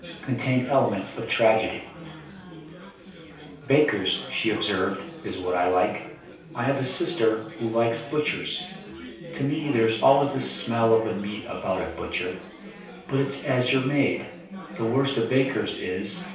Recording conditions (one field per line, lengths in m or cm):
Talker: one person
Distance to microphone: 3.0 m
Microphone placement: far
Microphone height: 1.8 m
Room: small (3.7 m by 2.7 m)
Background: babble